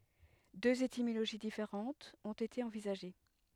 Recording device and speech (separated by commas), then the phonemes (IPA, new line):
headset microphone, read sentence
døz etimoloʒi difeʁɑ̃tz ɔ̃t ete ɑ̃vizaʒe